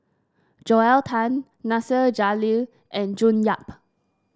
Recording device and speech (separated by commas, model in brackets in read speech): standing microphone (AKG C214), read sentence